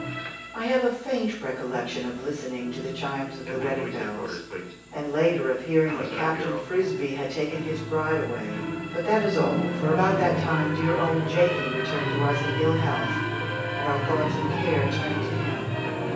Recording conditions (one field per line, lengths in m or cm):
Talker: one person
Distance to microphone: 9.8 m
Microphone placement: far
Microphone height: 1.8 m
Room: large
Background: television